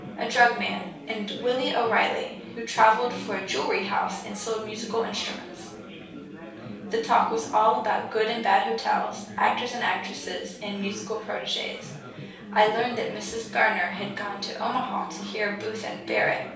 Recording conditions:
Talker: one person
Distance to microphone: 3.0 m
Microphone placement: far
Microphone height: 1.8 m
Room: small (3.7 m by 2.7 m)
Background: babble

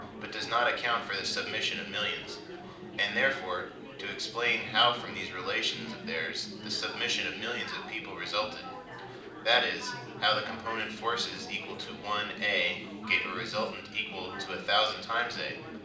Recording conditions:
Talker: one person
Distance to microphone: 2.0 m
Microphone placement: close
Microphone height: 99 cm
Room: medium-sized (5.7 m by 4.0 m)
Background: babble

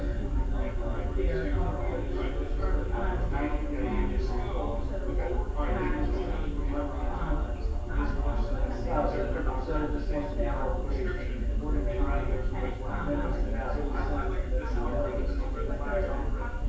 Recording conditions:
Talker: no one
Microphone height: 36 cm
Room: large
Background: babble

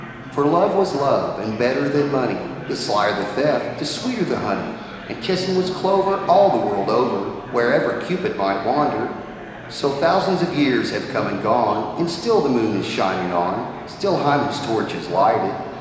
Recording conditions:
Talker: one person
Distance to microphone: 1.7 m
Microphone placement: close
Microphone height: 1.0 m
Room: very reverberant, large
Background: babble

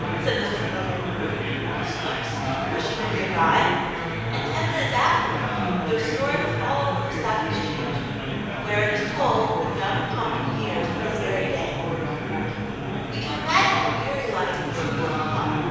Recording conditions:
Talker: one person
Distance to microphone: 7.1 m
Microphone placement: far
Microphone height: 1.7 m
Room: very reverberant, large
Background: babble

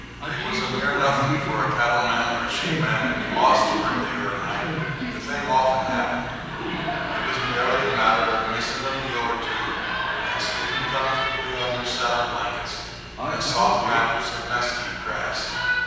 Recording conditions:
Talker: one person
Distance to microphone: 7.1 m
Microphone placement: far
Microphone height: 1.7 m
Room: very reverberant, large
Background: television

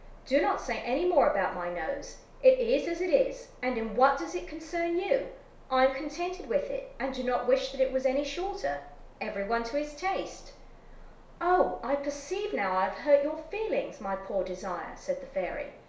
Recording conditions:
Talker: one person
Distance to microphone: 1.0 m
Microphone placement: close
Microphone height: 1.1 m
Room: small (3.7 m by 2.7 m)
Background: none

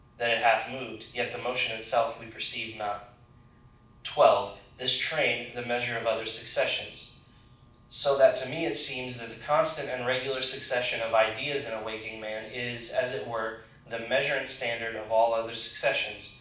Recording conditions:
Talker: one person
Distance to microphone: 5.8 m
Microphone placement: far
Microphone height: 1.8 m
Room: medium-sized (5.7 m by 4.0 m)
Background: none

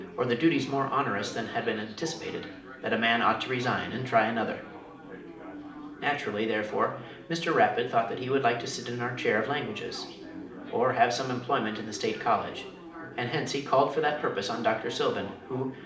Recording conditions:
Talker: one person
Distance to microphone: 2.0 m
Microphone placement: close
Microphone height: 99 cm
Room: medium-sized (5.7 m by 4.0 m)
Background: babble

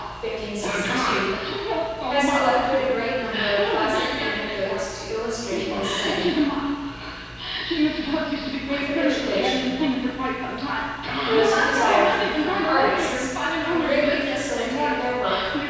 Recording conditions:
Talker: one person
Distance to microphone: 7.1 m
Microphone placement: far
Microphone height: 1.7 m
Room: very reverberant, large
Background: television

